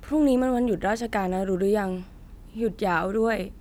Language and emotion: Thai, sad